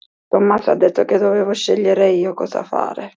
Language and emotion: Italian, sad